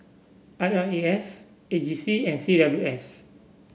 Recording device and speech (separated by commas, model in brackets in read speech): boundary microphone (BM630), read sentence